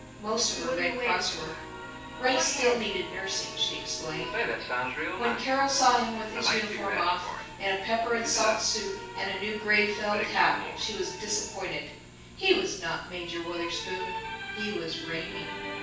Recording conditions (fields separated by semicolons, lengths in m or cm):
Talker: one person; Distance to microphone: 9.8 m; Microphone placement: far; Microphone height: 1.8 m; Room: large; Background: television